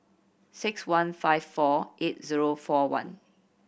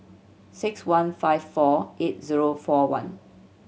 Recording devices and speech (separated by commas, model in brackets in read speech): boundary microphone (BM630), mobile phone (Samsung C7100), read sentence